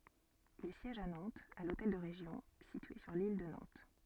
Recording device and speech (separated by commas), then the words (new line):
soft in-ear microphone, read sentence
Il siège à Nantes, à l'hôtel de Région, situé sur l'île de Nantes.